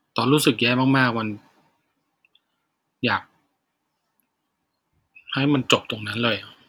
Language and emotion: Thai, sad